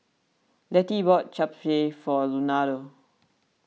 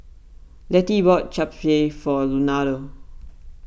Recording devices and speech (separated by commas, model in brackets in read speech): mobile phone (iPhone 6), boundary microphone (BM630), read sentence